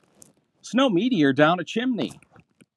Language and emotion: English, happy